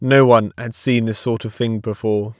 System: none